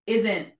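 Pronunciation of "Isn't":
In 'isn't', the final T is an unreleased T. It is not fully said, so no T sound is heard at the end.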